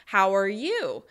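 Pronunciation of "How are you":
In 'How are you', the voice rises and the stress falls on 'you', as when the question is repeated back to the other person.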